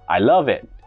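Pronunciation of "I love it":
In 'I love it', 'love' is said the loudest.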